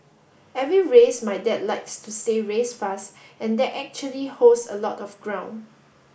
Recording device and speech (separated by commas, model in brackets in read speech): boundary microphone (BM630), read sentence